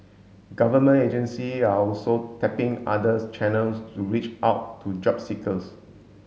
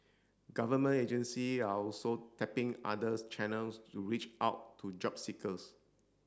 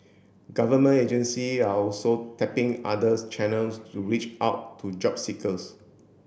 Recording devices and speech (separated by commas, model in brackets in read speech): mobile phone (Samsung S8), standing microphone (AKG C214), boundary microphone (BM630), read sentence